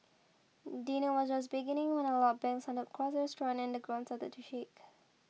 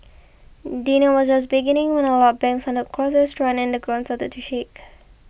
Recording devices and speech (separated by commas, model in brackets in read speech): mobile phone (iPhone 6), boundary microphone (BM630), read sentence